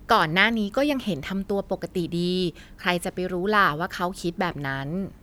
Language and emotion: Thai, neutral